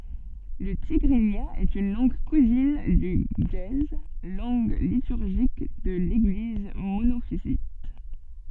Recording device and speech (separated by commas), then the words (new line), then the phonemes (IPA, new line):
soft in-ear microphone, read sentence
Le tigrinya est une langue cousine du ge'ez, langue liturgique de l'Église monophysite.
lə tiɡʁinja ɛt yn lɑ̃ɡ kuzin dy ʒəe lɑ̃ɡ lityʁʒik də leɡliz monofizit